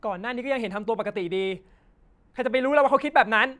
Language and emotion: Thai, angry